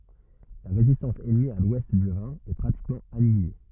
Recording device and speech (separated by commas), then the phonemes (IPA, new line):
rigid in-ear microphone, read sentence
la ʁezistɑ̃s ɛnmi a lwɛst dy ʁɛ̃ ɛ pʁatikmɑ̃ anjile